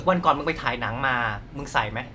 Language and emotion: Thai, neutral